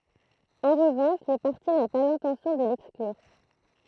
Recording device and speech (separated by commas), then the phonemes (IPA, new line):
throat microphone, read sentence
ɑ̃ ʁəvɑ̃ʃ lə paʁti na pa lɛ̃tɑ̃sjɔ̃ də lɛksklyʁ